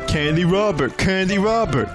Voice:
dumb voice